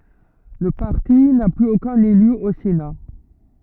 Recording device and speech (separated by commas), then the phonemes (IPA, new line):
rigid in-ear microphone, read sentence
lə paʁti na plyz okœ̃n ely o sena